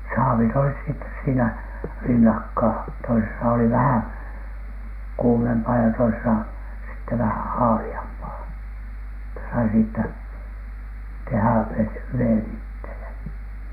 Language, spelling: Finnish, saavit olivat sitten siinä rinnakkain toisessa oli vähän kuumempaa ja toisessa sitten vähän haaleampaa että sai siitä tehdä - veden itselle
- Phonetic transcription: 'saavit olis sittes siinä , "rinnakkaa , toisesa oli 'vähäŋ "kuumempaa ja toisesa , sitte vähän̬ 'haali₍ampaa , että sai siittä , 'tehä̀ vet- , "veen ittele .

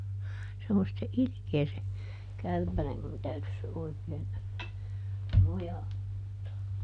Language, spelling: Finnish, se on sitten ilkeä se kärpänen minun täytyisi se oikein mojauttaa
- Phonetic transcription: se on sⁱtte "ilⁱkee se , ˈkärpänem - mun ˈtäytys se oikeen , "moja(huttaa) .

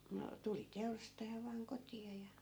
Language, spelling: Finnish, no tuli teurastaja vain kotiin ja
- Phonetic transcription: no , 'tuli "teurastaja vaaŋ 'koti₍a ja .

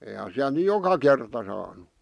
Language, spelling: Finnish, eihän siellä nyt joka kerta saanut
- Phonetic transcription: eihän siälᵗ ny "joka kerta saanu .

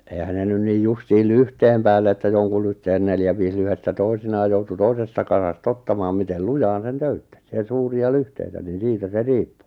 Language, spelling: Finnish, eihän ne nyt niin justiin lyhteen päälle että jonkun lyhteen neljä viisi lyhdettä toisinaan joutui toisesta kasasta ottamaan miten lujaan sen töyttäsi ja suuria lyhteitä niin siitä se riippui
- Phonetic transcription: 'èⁱhän ne 'nyn niij 'justiil "lyhteem päälle että 'joŋku lyhteen neljä(v) viis 'lyhestä 'toi̬sinaa joutu 'toisesta kasas't ‿ottamaam mitel "lujaan sen 'töyttäs ja 'suuri₍a "lyhteitä nin̬ 'siitä se 'riippᴜ .

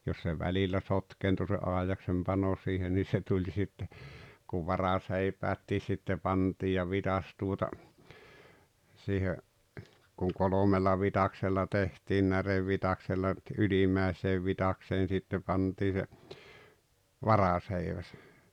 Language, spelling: Finnish, jos se välillä sotkeentui se aidaksen pano siihen niin se tuli sitten kun varaseipäätkin sitten pantiin ja vitsas tuota siihen kun kolmella vitsaksella tehtiin närevitsaksella - ylimmäiseen vitsakseen sitten pantiin se varaseiväs
- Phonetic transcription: jos se "välillä "sotkeentu se 'àejaksem 'pano siihen nii 'se tuĺ sitte , kuv "varaseipäättii sitte 'pantii ja 'vitas tuota , 'siihe , kuŋ "kolomella 'vitaksella 'tehtiin 'närevvitaksella ‿t- "ylimmä̀eseev 'vitakseen sitte 'pantii se , "varaseiväs .

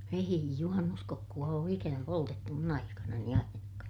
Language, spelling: Finnish, ei juhannuskokkoa ole ikänä poltettu minun aikanani ainakaan
- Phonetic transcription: èi juhannuskokku₍a oo ikänä poltettu mun ‿aikanani ainakaa .

